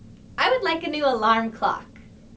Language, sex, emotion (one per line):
English
female
happy